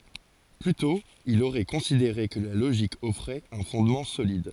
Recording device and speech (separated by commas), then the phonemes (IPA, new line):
forehead accelerometer, read sentence
ply tɔ̃ il oʁɛ kɔ̃sideʁe kə la loʒik ɔfʁɛt œ̃ fɔ̃dmɑ̃ solid